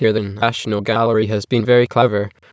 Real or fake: fake